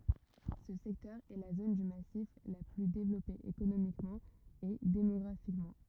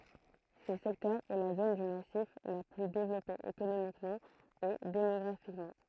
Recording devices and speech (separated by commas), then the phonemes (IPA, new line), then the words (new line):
rigid in-ear microphone, throat microphone, read sentence
sə sɛktœʁ ɛ la zon dy masif la ply devlɔpe ekonomikmɑ̃ e demɔɡʁafikmɑ̃
Ce secteur est la zone du massif la plus développée économiquement et démographiquement.